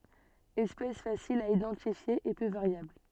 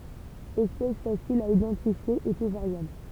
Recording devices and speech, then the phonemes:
soft in-ear microphone, temple vibration pickup, read sentence
ɛspɛs fasil a idɑ̃tifje e pø vaʁjabl

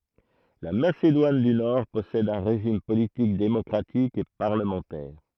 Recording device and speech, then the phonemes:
throat microphone, read sentence
la masedwan dy nɔʁ pɔsɛd œ̃ ʁeʒim politik demɔkʁatik e paʁləmɑ̃tɛʁ

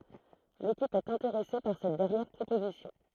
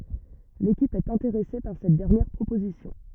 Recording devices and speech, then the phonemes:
throat microphone, rigid in-ear microphone, read sentence
lekip ɛt ɛ̃teʁɛse paʁ sɛt dɛʁnjɛʁ pʁopozisjɔ̃

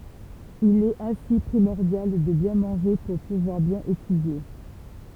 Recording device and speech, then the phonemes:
temple vibration pickup, read sentence
il ɛt ɛ̃si pʁimɔʁdjal də bjɛ̃ mɑ̃ʒe puʁ puvwaʁ bjɛ̃n etydje

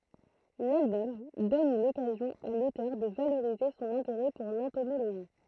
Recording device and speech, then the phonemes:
throat microphone, read sentence
lalbɔm dɔn lɔkazjɔ̃ a lotœʁ də valoʁize sɔ̃n ɛ̃teʁɛ puʁ lɑ̃tomoloʒi

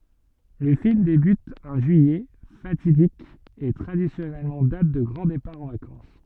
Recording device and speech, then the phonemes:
soft in-ear microphone, read sentence
lə film debyt œ̃ ʒyijɛ fatidik e tʁadisjɔnɛl dat də ɡʁɑ̃ depaʁ ɑ̃ vakɑ̃s

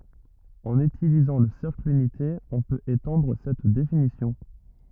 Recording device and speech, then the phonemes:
rigid in-ear microphone, read sentence
ɑ̃n ytilizɑ̃ lə sɛʁkl ynite ɔ̃ pøt etɑ̃dʁ sɛt definisjɔ̃

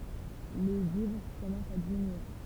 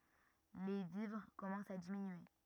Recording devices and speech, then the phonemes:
temple vibration pickup, rigid in-ear microphone, read sentence
le vivʁ kɔmɑ̃st a diminye

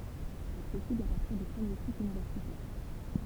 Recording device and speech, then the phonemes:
temple vibration pickup, read sentence
aksɛsiblz a paʁtiʁ dy pʁəmje sikl ynivɛʁsitɛʁ

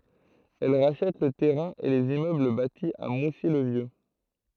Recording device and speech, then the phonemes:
throat microphone, read sentence
ɛl ʁaʃɛt lə tɛʁɛ̃ e lez immøbl bati a musi lə vjø

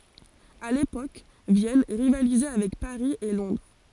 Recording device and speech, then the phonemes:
forehead accelerometer, read sentence
a lepok vjɛn ʁivalizɛ avɛk paʁi e lɔ̃dʁ

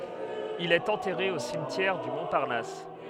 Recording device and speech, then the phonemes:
headset microphone, read sentence
il ɛt ɑ̃tɛʁe o simtjɛʁ dy mɔ̃paʁnas

